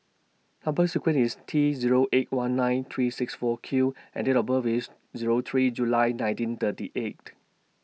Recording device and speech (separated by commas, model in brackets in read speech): mobile phone (iPhone 6), read sentence